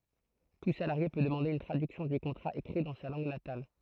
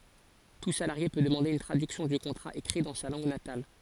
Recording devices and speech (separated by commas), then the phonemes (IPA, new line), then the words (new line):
throat microphone, forehead accelerometer, read sentence
tu salaʁje pø dəmɑ̃de yn tʁadyksjɔ̃ dy kɔ̃tʁa ekʁi dɑ̃ sa lɑ̃ɡ natal
Tout salarié peut demander une traduction du contrat écrit dans sa langue natale.